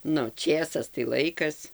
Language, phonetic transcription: Lithuanian, ˈnu ˈčėsas tai ˈlaikas

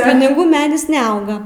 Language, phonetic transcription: Lithuanian, piniˈgų ˈmedis neˈauga

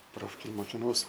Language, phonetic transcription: Lithuanian, ˈprofkėj mokinˈaus

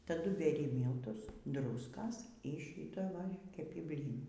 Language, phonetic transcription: Lithuanian, ˈtadu beˈri ˈmyltus ˈdruskas ˈy šyta ˈva keˈpi ˈblynų

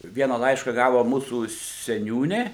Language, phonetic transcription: Lithuanian, ˈviena ˈlaiška ˈgavo ˈmūsų seˈniūnė

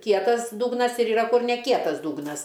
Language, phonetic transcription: Lithuanian, ˈkietas ˈdugnas ir iˈra ˈkur ne ˈkietas ˈdugnas

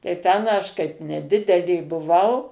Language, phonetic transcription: Lithuanian, tai ˈten aš kaip neˈdidelė buˈvau

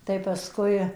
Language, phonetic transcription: Lithuanian, tai pasˈkui

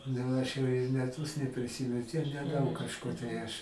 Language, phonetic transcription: Lithuanian, ˈnu ˈaš jau i meˈtus nepriˈsymen ˈtiek neˈdaug kažˈkur tai ˈaš

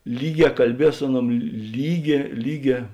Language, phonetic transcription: Lithuanian, ˈlyˌgē kalˈbies ˈsu aˌnuom ˈlyˌgē ˈlyˌgē

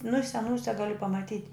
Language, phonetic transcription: Lithuanian, nu i seˈnūse ˈgali pamaˈtyt'

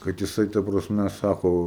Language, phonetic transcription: Lithuanian, kad jiˈsai ta prasˈme ˈsako

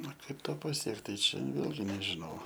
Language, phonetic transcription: Lithuanian, a ˈkaip ˈto paˈsiekt tai ˈčia ˈvėlgi nežiˈnau

